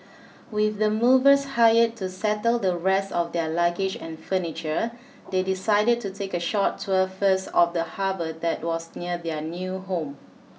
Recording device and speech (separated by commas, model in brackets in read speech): mobile phone (iPhone 6), read sentence